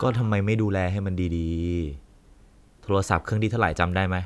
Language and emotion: Thai, frustrated